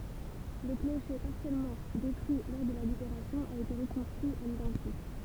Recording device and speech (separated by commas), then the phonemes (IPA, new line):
temple vibration pickup, read sentence
lə kloʃe paʁsjɛlmɑ̃ detʁyi lɔʁ də la libeʁasjɔ̃ a ete ʁəkɔ̃stʁyi a lidɑ̃tik